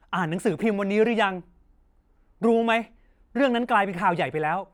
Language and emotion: Thai, angry